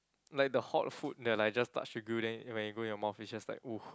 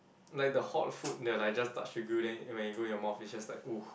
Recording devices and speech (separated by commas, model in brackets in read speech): close-talking microphone, boundary microphone, conversation in the same room